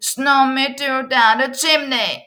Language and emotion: English, sad